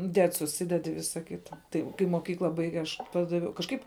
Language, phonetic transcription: Lithuanian, ˈded suˈsided i ˈvisa ˈkita ˈtai kai moˈkykla ˈbaige aš ˈpadaviau kažˈkaip

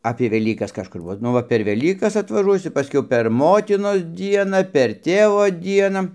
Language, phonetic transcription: Lithuanian, apė veˈlykas kažˈkur ˈva ˈnu va per ˈvelykas atvaˈžuosiu paˈskiau per ˈmotinos ˈdiena per ˈtėvo ˈdiena

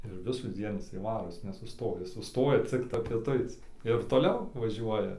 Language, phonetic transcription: Lithuanian, ir visųˈdzien ˈisai ˈvaro ˈjis nesuˈstoja ˈjis suˈstoja ˈcikta pieˈtuic ir toˈliau vaˈžiuoja

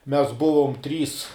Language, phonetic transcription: Lithuanian, mes ˈbuvom ˈtrys

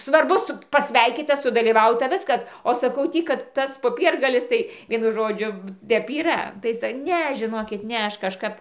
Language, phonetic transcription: Lithuanian, svarˈbu ˈsu paˈsveikyta sudalyˈvauta ˈviskas o saˈkau ˈtį kad ˈtas poˈpiergalis ˈtai ˈvienu ˈžodžiu ˈtep yˈra ˈtai ˈne žiˈnokit ˈne ˈaš kažˈkap

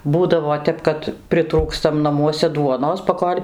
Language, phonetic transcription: Lithuanian, ˈbūdavo ˈtep kad priˈtrūkstam naˈmuose ˈduonos paˈkol'

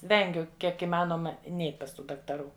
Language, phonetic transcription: Lithuanian, ˈvengiu ˈkiek iˈmanoma ˈneit' pas ˈtų daktaˈrų

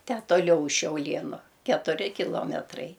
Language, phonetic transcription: Lithuanian, tę toˈliau už šiauˈlienu ketuˈri kiˈlometrai

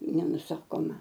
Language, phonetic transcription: Lithuanian, nenuˈsakoma

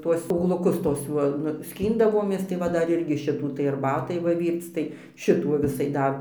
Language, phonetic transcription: Lithuanian, ˈtuos ˈūgluˈkus ˈtuos juo nu ˈskyndavomės tai ˈva ˈdar ˈirgi ˈšitų tai arˈbatai ˈva ˈvyrc tai ˈšitų va ˈvisai ˈdar

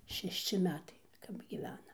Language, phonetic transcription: Lithuanian, šešˈči ˈmetai kap gyˈvenam

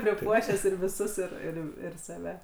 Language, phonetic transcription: Lithuanian, priˈpuošęs ir viˈsus ˈir ir ir saˈve

